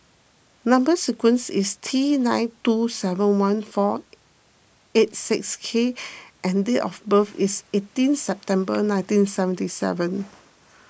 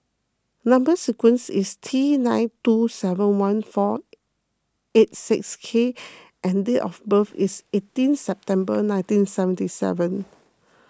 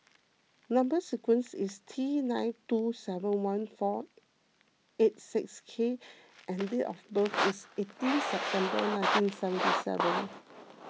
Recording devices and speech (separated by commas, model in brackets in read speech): boundary microphone (BM630), close-talking microphone (WH20), mobile phone (iPhone 6), read sentence